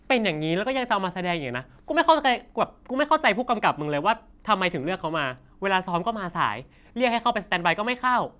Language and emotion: Thai, angry